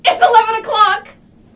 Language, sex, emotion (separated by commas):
English, female, happy